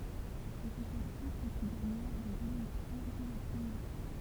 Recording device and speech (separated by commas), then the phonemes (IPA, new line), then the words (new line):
temple vibration pickup, read sentence
e sɛ sɛt list ki ɡaɲa lez elɛksjɔ̃ dɛ lə pʁəmje tuʁ
Et c'est cette liste qui gagna les élections dès le premier tour.